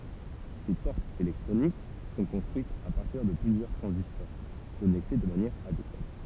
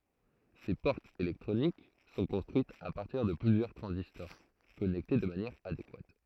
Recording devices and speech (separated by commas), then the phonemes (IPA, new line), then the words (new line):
temple vibration pickup, throat microphone, read sentence
se pɔʁtz elɛktʁonik sɔ̃ kɔ̃stʁyitz a paʁtiʁ də plyzjœʁ tʁɑ̃zistɔʁ kɔnɛkte də manjɛʁ adekwat
Ces portes électroniques sont construites à partir de plusieurs transistors connectés de manière adéquate.